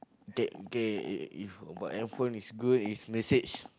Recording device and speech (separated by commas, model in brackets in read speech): close-talking microphone, conversation in the same room